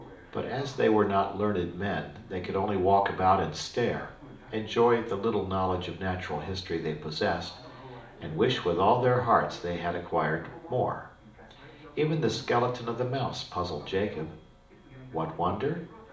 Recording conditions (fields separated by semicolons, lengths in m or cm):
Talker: one person; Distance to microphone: 2.0 m; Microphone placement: close; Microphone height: 99 cm; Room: medium-sized (5.7 m by 4.0 m); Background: television